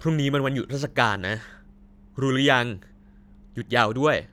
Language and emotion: Thai, frustrated